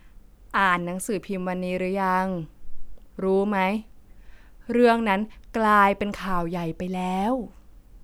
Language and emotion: Thai, frustrated